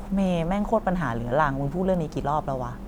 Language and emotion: Thai, frustrated